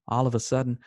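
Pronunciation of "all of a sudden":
In 'all of a sudden', the first three syllables are drawn together and sound pretty much like the name 'Oliver'.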